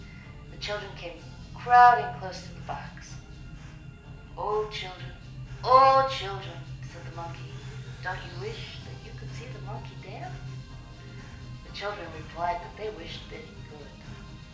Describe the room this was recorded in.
A large room.